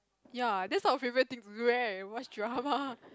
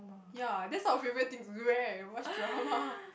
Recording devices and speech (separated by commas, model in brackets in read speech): close-talking microphone, boundary microphone, conversation in the same room